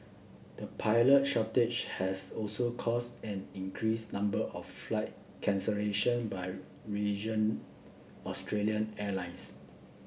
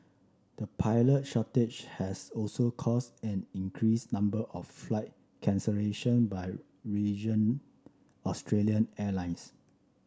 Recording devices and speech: boundary microphone (BM630), standing microphone (AKG C214), read sentence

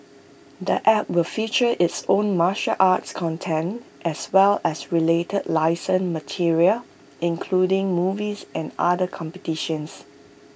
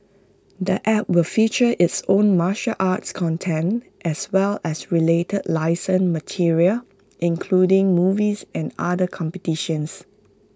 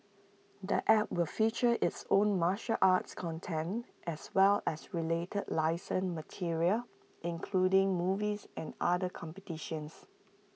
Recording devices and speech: boundary microphone (BM630), close-talking microphone (WH20), mobile phone (iPhone 6), read sentence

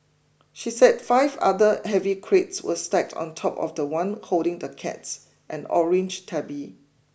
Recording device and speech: boundary microphone (BM630), read sentence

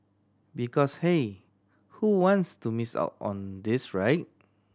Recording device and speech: standing microphone (AKG C214), read sentence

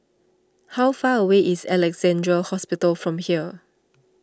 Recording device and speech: standing microphone (AKG C214), read sentence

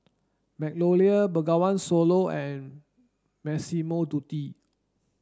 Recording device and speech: standing microphone (AKG C214), read sentence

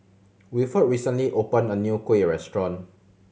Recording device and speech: mobile phone (Samsung C7100), read sentence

